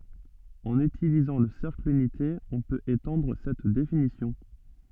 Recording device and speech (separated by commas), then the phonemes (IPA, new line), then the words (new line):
soft in-ear microphone, read sentence
ɑ̃n ytilizɑ̃ lə sɛʁkl ynite ɔ̃ pøt etɑ̃dʁ sɛt definisjɔ̃
En utilisant le cercle unité, on peut étendre cette définition.